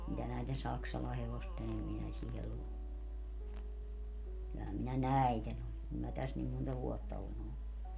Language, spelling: Finnish, mitä näiden Saksalan hevosten - kyllähän minä näiden olen kun minä tässä niin monta vuotta olen ollut
- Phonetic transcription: mitä näiten "Saksala 'hevosten -- , 'kyllähäm minä "näi̮ten ‿on , kum mä 'täs nim monta 'vuotta olen ‿ollu .

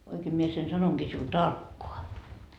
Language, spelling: Finnish, oikein minä sen sanonkin sinulle tarkkaan
- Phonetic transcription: oikee mie sen 'sanoŋGii siul "tarkkoa .

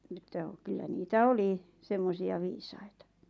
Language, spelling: Finnish, niin että kyllä niitä oli semmoisia viisaita
- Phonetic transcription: (ni ‿t̆tä) , 'kyllä niitä "oli , 'semmosi₍a viisaita .

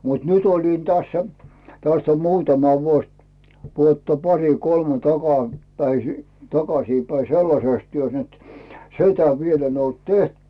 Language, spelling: Finnish, mutta nyt olin tässä tästä on muutama vuosi vuotta pari kolme - - takaisinpäin sellaisessa työssä nyt sitä vielä en ollut tehnyt
- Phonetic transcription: mut "nyt ‿olin 'tässä , 'täst ‿om "muutama vuos , vuotta "pari "kolme 'taka , päisi , 'takasiipäi "sellasès 'työs net , "si̬tä viel ‿en ‿olt 'teht .

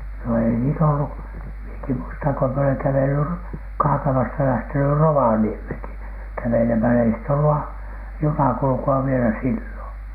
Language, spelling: Finnish, no ei niitä ollut minäkin muistan kun minä olen kävellyt - Kaakamasta lähtenyt Rovaniemellekin kävelemällä ei sitten ollut - junakulkua vielä silloin
- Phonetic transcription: no ei niit ‿ollu , mieki muistaŋ ko mie oleŋ 'kävely , Ro- , 'Kaakamasta lähteny "Rovaniemhèŋki kävelemälä ei sit ‿ollu a- , "junakulᵘku₍a vielä 'sillòN .

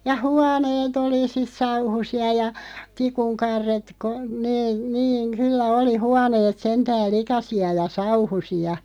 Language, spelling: Finnish, ja huoneet oli sitten sauhuisia ja tikun karret - ne niin kyllä oli huoneet sentään likaisia ja sauhuisia
- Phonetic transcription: ja "huanee't ‿oli sis 'sauhusi₍a ja , 'tikuŋ 'karret ko- , 'nee , 'niiŋ "kyllä oli 'huaneet 'sentääl "likasi₍a ja "sauhusi₍a .

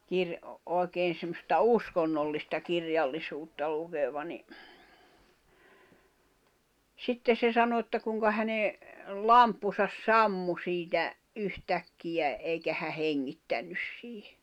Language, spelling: Finnish, - oikein semmoista uskonnollista kirjallisuutta lukeva niin sitten se sanoi että kuinka hänen lamppunsa sammui siitä yhtäkkiä eikä hän hengittänyt siihen
- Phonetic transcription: 'kir- , 'òi̬keen̬ semmosta "uskonnollista 'kirjallisuutta lukeva ni , 'sitte se 'sano että kuŋka häne , "lamppusas "sammu siitä , 'yh'täkkijä , 'eikä hä 'heŋŋittännys siihᴇ .

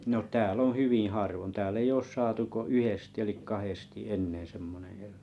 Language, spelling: Finnish, no täällä on hyvin harvoin täällä ei ole saatu kuin yhdesti eli kahdesti semmoinen eläin
- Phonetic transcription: no 'tää'l ‿oo̰ 'hyvḭⁱ 'harvon 'tääll ‿ei oos 'saatu ko "yhesti elik "kahesti semmone el̆lᴀ̈[in] .

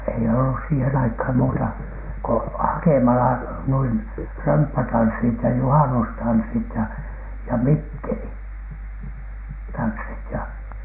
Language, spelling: Finnish, ei ollut siihen aikaan muuta kuin hakemalla noin römppätanssit ja juhannustanssit ja ja - mikkelitanssit ja
- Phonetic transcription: ei ollus siihen aikham muuta , ko "hakemala , nuin , "römppätanssit ja "juhanustanssit ja , ja "mikkeli- , -tanssit ja .

